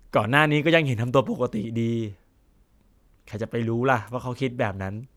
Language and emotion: Thai, neutral